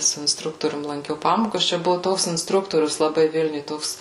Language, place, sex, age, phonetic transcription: Lithuanian, Suvalkija, female, 18-60, su insˈtruktorium lanˈkiau ˈpamokas čia ˈbuvu ˈtoks insˈtruktorius laˈbai ˈvilniuj ˈtoks

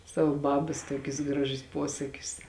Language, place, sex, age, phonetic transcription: Lithuanian, Žemaitija, female, 18-60, ˈsava ˈbabas ˈtuokius ˈgraˌžius ˈpuosakius

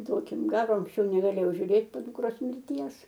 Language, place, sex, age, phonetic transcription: Lithuanian, Aukštaitija, female, 60+, ˈduokim ˈgaro anksˈčiau negaˈlėjau žiūˈrėt po dukˈros mirˈties

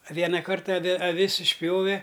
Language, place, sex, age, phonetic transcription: Lithuanian, Aukštaitija, male, 60+, a ˈviena ˈkarta aˈvi aˈvis išˈpjove

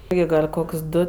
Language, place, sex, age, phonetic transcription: Lithuanian, Aukštaitija, female, 18-60, ˈjai gal' ˈkok's' ˈdu

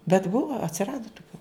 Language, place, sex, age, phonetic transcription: Lithuanian, Žemaitija, female, 60+, bet ˈbuva atsiˈrada tuˈkių

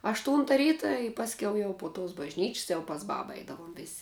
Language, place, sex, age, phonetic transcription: Lithuanian, Žemaitija, female, 18-60, ašˈtūnta ˈryta i pasˈkiau jau po tos bažˈnyč's' jau pas ˈbaba ˈaidavom vės'

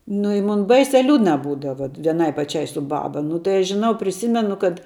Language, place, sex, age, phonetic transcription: Lithuanian, Žemaitija, female, 18-60, nu i ˈmun ˈbaisia ˈliūdna ˈbūdava vieˈnai paˈčiai su ˈbaba nu tai ˈaš žiˈnau priˈsymenu kad

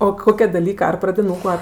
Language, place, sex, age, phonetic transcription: Lithuanian, Aukštaitija, female, 18-60, o ˈkokia daˈlyka ˈar pradiˈnūku ˈar

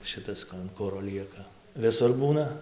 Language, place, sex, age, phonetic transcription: Lithuanian, Dzūkija, male, 18-60, ˈšɨtas an ˈkuro ˈlieka viˈsur ˈbūna

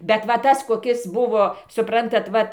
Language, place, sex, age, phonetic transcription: Lithuanian, Dzūkija, female, 60+, bet ˈva ˈtas koˈkis ˈbuvo suˈprantat ˈvat

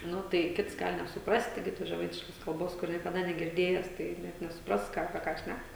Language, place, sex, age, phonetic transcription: Lithuanian, Žemaitija, female, 18-60, ˈnu ˈtai ˈkits ˈgal nesuˈprasti ˈgi tos žeˈmaitiškos kalˈbos ˈkur niekaˈda negirˈdėjes tai ˈne nesuˈpras ˈką apie ˈką ˈšnæk

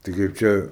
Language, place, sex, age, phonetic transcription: Lithuanian, Aukštaitija, male, 18-60, tai kaip ˈčia

